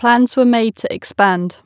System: none